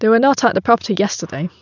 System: none